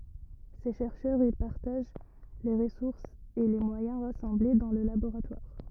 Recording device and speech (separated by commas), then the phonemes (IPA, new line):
rigid in-ear microphone, read sentence
se ʃɛʁʃœʁz i paʁtaʒ le ʁəsuʁsz e le mwajɛ̃ ʁasɑ̃ble dɑ̃ lə laboʁatwaʁ